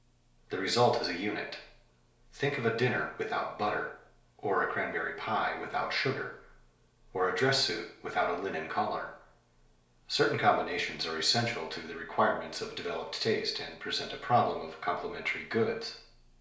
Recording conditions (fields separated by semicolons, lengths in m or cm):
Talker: one person; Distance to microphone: 1.0 m; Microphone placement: close; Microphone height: 1.1 m; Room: small (3.7 m by 2.7 m); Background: none